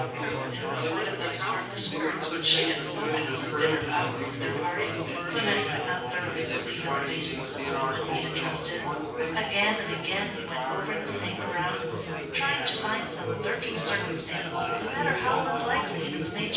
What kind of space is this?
A large room.